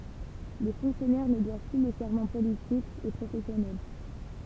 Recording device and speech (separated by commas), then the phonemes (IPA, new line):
temple vibration pickup, read sentence
le fɔ̃ksjɔnɛʁ nə dwav ply lə sɛʁmɑ̃ politik e pʁofɛsjɔnɛl